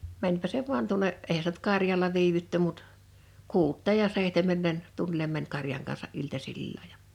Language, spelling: Finnish, menipä se vain tuonne eihän sitä nyt karjalla viivytty mutta kuuteen ja seitsemään meni tunnille meni karjan kansa iltasilla ja
- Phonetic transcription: 'mäńpä se vuan tuᵒnne , 'ehä s(i)tä nʸt 'karjala 'viivytty mut , 'kuut̆teej ja 'seihtem̀èm mɛn , 'tunnilem mäń 'karjaŋ kansa’ '’iltasilla ja .

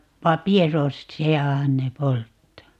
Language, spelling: Finnish, paperossiahan ne polttaa
- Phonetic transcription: "papierossi₍ahan 'ne 'polttaa .

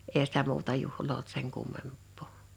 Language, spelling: Finnish, eihän sitä muuta juhlaa ollut sen kummempaa
- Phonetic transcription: 'eehä sitä 'muuta 'juhloo olt seŋ 'kummemp̆pò .

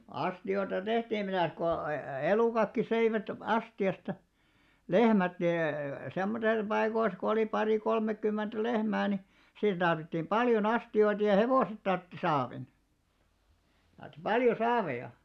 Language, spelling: Finnish, astioita tehtiin mitäs kun - elukatkin söivät astiasta lehmät niin semmoisissa paikoissa kun oli pari kolmekymmentä lehmää niin siinä tarvittiin paljon astioita ja hevoset tarvitsi saavin tarvitsi paljon saaveja
- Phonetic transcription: 'asti₍oⁱta 'tehtiim mitä̀s ko e+- , 'elùkakki söivät , 'asti₍asta , "lehmät (ni) , 'semmotel 'paikois ko olì 'parì 'kolmekkymment "lehmää ni , siin ᴅarvittiim "ʙaljo'n ‿asti₍oitᵃ ja "hevòset tartti 'saavin , tarttⁱ "paljo 'saaveja .

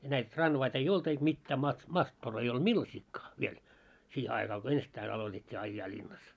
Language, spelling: Finnish, ja näitä tranvaita ei ollut eikä mitään - mattor ei ollut millaisiakaan vielä siihen aika kun ensittäin aloitettiin ajaa linnassa
- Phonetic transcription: ja 'näit 'tranvait ‿ei "olt eik 'mittää ma- 'mattor ei olᴅ "millasikkaa , 'viel , 'siihe aika ko "ensittäin alotet́t́ii 'aijjaa ĺinnas .

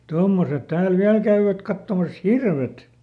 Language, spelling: Finnish, tuommoiset täällä vielä käyvät katsomassa hirvet
- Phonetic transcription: "tommoset ˈtääl "viäl käyvät ˈkattomas "hirvet .

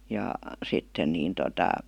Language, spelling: Finnish, ja sitten niin tuota
- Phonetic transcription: ja , 'sitten niin tota ,.

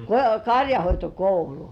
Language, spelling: Finnish, karjanhoitokoulu
- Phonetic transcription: ko-"kaŕjahoitokoulu .

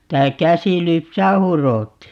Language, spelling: Finnish, sitä käsin lypsää hurottiin
- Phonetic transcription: ('si)tä 'käsi(l) 'lypsää "huròtti(i) .

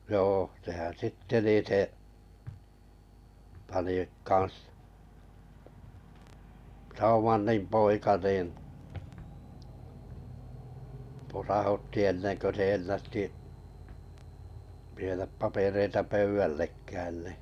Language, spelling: Finnish, joo sehän sitten niin se pani kanssa Schaumanin poika niin posautti ennen kuin se ennätti viedä papereita pöydällekään niin
- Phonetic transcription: 'joo sehän̬ 'sitte nì , 'se , pani 'kan̬s , 'Saumannim 'poika niin̬ , posahutti 'ennen kö 'se 'ennätti , vieðäp 'papereita "pöyʷällekään nì .

